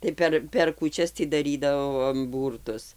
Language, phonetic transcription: Lithuanian, tai ˈper per kūˈčias tį daˈrydavom ˈbūrtus

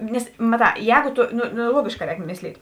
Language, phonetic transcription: Lithuanian, ˈnes maˈtā ˈjēgu ˈtu ˈno ˈno ˈluogėšˌkā ˈrēk ˈmisˌlyt'

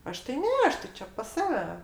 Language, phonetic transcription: Lithuanian, ˈaš tai ˈne ˈaš tai ˈčia pas ˈsave

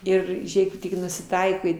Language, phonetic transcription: Lithuanian, ˈir ˈžėk tik nusiˈtaikai

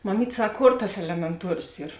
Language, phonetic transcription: Lithuanian, maˈmyt' ˈsak ˈkor tas elemenˈtuorios ˈyr

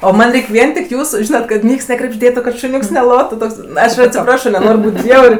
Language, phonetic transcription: Lithuanian, o ˈman' ˈreik' ˈvien tik ˈjūsu ˈžynat kad ˈnieks nekrebžˈdėtu kad šuˈniūks neˈlotu ˈtoks ˈaš atsiˈprašo neˈnor' ˈbūt' ˈbjaur'

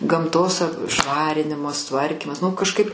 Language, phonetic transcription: Lithuanian, gamˈtos ˈšvarinimas ˈtvarkymas nu kažˈkaip

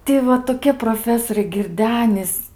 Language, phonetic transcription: Lithuanian, ˈti va toˈkie proˈfesoriai girˈdenis

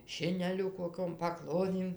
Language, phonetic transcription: Lithuanian, ˈšineliu koˈkiom paˈklodėm

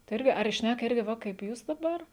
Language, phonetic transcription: Lithuanian, tai ˈirgi ar i ˈšnæka ˈirgi ˈva kaip ˈjūs daˈbar

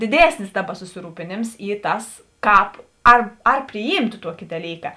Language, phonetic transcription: Lithuanian, diˈdėsnis ˈdaˌba susiˈrūpėnėms ˈy ˈtas ˈkāp ar ar priˈjymtu ˈtuoki daˈlyka

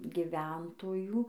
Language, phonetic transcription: Lithuanian, giˈventojų

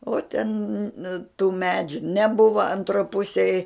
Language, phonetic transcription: Lithuanian, o ten tų ˈmedžiu neˈbuva anˈtro ˈpusėj

